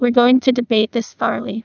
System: TTS, neural waveform model